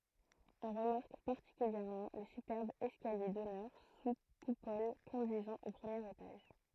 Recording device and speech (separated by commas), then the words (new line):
throat microphone, read sentence
On remarque particulièrement le superbe escalier d'honneur sous coupole conduisant au premier étage.